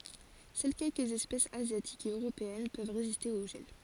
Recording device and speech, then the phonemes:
forehead accelerometer, read sentence
sœl kɛlkəz ɛspɛsz azjatikz e øʁopeɛn pøv ʁeziste o ʒɛl

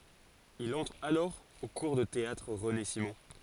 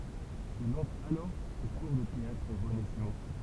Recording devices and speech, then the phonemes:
forehead accelerometer, temple vibration pickup, read sentence
il ɑ̃tʁ alɔʁ o kuʁ də teatʁ ʁəne simɔ̃

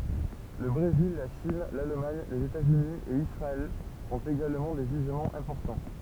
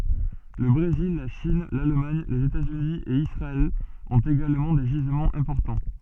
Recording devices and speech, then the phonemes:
temple vibration pickup, soft in-ear microphone, read sentence
lə bʁezil la ʃin lalmaɲ lez etaz yni e isʁaɛl ɔ̃t eɡalmɑ̃ de ʒizmɑ̃z ɛ̃pɔʁtɑ̃

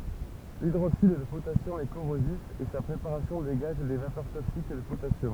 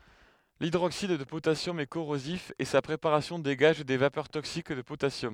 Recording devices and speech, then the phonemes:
temple vibration pickup, headset microphone, read sentence
lidʁoksid də potasjɔm ɛ koʁozif e sa pʁepaʁasjɔ̃ deɡaʒ de vapœʁ toksik də potasjɔm

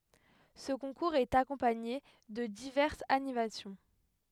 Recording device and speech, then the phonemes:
headset microphone, read sentence
sə kɔ̃kuʁz ɛt akɔ̃paɲe də divɛʁsz animasjɔ̃

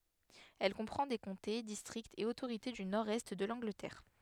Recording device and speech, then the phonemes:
headset microphone, read sentence
ɛl kɔ̃pʁɑ̃ de kɔ̃te distʁiktz e otoʁite dy nɔʁdɛst də lɑ̃ɡlətɛʁ

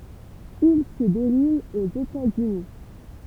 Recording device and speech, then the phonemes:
temple vibration pickup, read sentence
il sə deʁul oz etaz yni

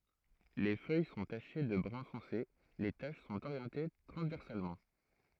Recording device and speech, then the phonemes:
throat microphone, read sentence
le fœj sɔ̃ taʃe də bʁœ̃ fɔ̃se le taʃ sɔ̃t oʁjɑ̃te tʁɑ̃zvɛʁsalmɑ̃

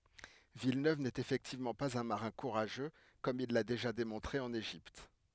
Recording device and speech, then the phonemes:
headset microphone, read sentence
vilnøv nɛt efɛktivmɑ̃ paz œ̃ maʁɛ̃ kuʁaʒø kɔm il la deʒa demɔ̃tʁe ɑ̃n eʒipt

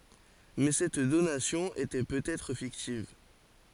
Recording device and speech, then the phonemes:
forehead accelerometer, read sentence
mɛ sɛt donasjɔ̃ etɛ pøt ɛtʁ fiktiv

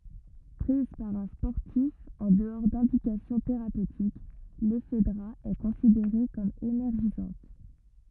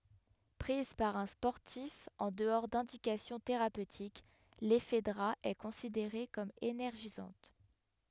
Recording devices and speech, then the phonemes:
rigid in-ear microphone, headset microphone, read sentence
pʁiz paʁ œ̃ spɔʁtif ɑ̃ dəɔʁ dɛ̃dikasjɔ̃ teʁapøtik lɛfdʁa ɛ kɔ̃sideʁe kɔm enɛʁʒizɑ̃t

